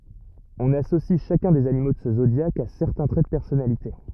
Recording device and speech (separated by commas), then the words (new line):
rigid in-ear microphone, read sentence
On associe chacun des animaux de ce zodiaque à certains traits de personnalité.